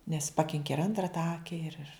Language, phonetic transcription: Lithuanian, nes ˈpakinki ir ˈantra ta ˈake ir ir

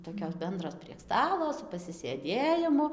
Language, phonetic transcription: Lithuanian, toˈkios ˈbendros prieg ˈstalo su pasisėˈdėjimu

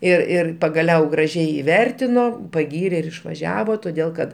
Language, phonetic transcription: Lithuanian, ir ˈir pagaˈliau graˈžiai iˈvertino paˈgyrė ir išvaˈžiavo toˈdėl kad

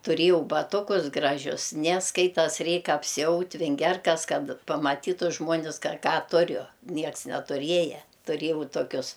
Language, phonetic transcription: Lithuanian, tuˈrėjau baˈtukus ˈgražius ne ˈskaitas ˈreik apsiˈaut' vinˈgerkas ˈkad pamaˈtytu žmuoˈnis ka ˈką ˈturiu ˈnieks netuˈrieja tuˈriejau toˈkius

